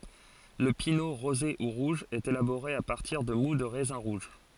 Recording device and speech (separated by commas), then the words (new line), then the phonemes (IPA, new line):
forehead accelerometer, read sentence
Le pineau rosé ou rouge est élaboré à partir de moût de raisins rouges.
lə pino ʁoze u ʁuʒ ɛt elaboʁe a paʁtiʁ də mu də ʁɛzɛ̃ ʁuʒ